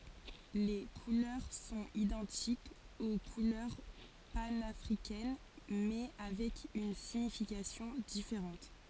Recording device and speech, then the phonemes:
forehead accelerometer, read sentence
le kulœʁ sɔ̃t idɑ̃tikz o kulœʁ panafʁikɛn mɛ avɛk yn siɲifikasjɔ̃ difeʁɑ̃t

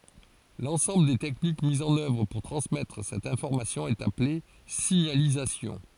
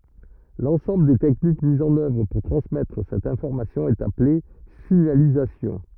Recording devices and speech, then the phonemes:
forehead accelerometer, rigid in-ear microphone, read sentence
lɑ̃sɑ̃bl de tɛknik mizz ɑ̃n œvʁ puʁ tʁɑ̃smɛtʁ sɛt ɛ̃fɔʁmasjɔ̃ ɛt aple siɲalizasjɔ̃

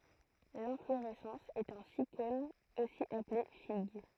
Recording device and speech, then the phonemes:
throat microphone, read sentence
lɛ̃floʁɛsɑ̃s ɛt œ̃ sikon osi aple fiɡ

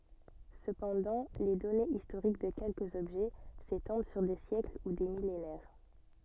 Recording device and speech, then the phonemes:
soft in-ear microphone, read sentence
səpɑ̃dɑ̃ le dɔnez istoʁik də kɛlkəz ɔbʒɛ setɑ̃d syʁ de sjɛkl u de milenɛʁ

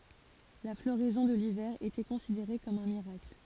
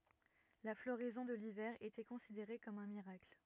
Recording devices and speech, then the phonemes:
forehead accelerometer, rigid in-ear microphone, read sentence
la floʁɛzɔ̃ də livɛʁ etɛ kɔ̃sideʁe kɔm œ̃ miʁakl

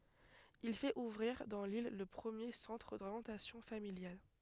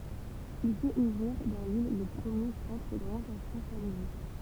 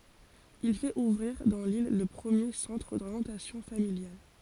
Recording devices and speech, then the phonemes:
headset microphone, temple vibration pickup, forehead accelerometer, read sentence
il fɛt uvʁiʁ dɑ̃ lil lə pʁəmje sɑ̃tʁ doʁjɑ̃tasjɔ̃ familjal

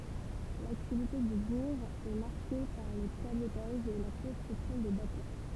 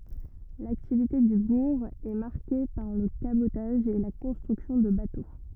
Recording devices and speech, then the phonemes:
temple vibration pickup, rigid in-ear microphone, read sentence
laktivite dy buʁ ɛ maʁke paʁ lə kabotaʒ e la kɔ̃stʁyksjɔ̃ də bato

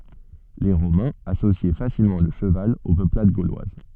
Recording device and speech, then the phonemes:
soft in-ear microphone, read sentence
le ʁomɛ̃z asosjɛ fasilmɑ̃ lə ʃəval o pøplad ɡolwaz

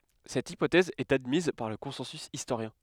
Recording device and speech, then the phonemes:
headset microphone, read sentence
sɛt ipotɛz ɛt admiz paʁ lə kɔ̃sɑ̃sy istoʁjɛ̃

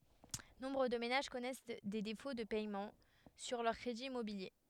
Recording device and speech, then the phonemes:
headset microphone, read sentence
nɔ̃bʁ də menaʒ kɔnɛs de defo də pɛmɑ̃ syʁ lœʁ kʁediz immobilje

